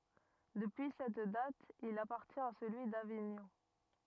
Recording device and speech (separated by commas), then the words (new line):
rigid in-ear microphone, read sentence
Depuis cette date, il appartient à celui d'Avignon.